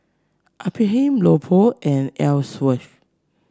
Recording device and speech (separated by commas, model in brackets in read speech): standing microphone (AKG C214), read sentence